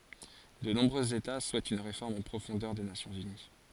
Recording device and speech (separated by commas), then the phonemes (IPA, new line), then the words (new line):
forehead accelerometer, read sentence
də nɔ̃bʁøz eta suɛtt yn ʁefɔʁm ɑ̃ pʁofɔ̃dœʁ de nasjɔ̃z yni
De nombreux États souhaitent une réforme en profondeur des Nations unies.